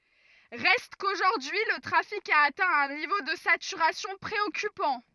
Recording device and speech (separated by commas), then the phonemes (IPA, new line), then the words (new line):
rigid in-ear microphone, read sentence
ʁɛst koʒuʁdyi lə tʁafik a atɛ̃ œ̃ nivo də satyʁasjɔ̃ pʁeɔkypɑ̃
Reste qu'aujourd'hui le trafic a atteint un niveau de saturation préoccupant.